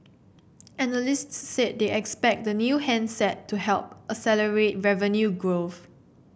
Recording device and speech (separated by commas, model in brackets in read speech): boundary microphone (BM630), read sentence